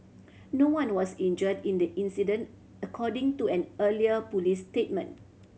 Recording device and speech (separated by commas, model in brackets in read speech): mobile phone (Samsung C7100), read sentence